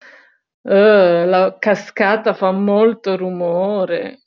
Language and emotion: Italian, disgusted